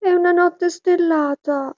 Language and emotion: Italian, sad